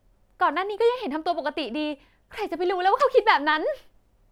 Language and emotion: Thai, happy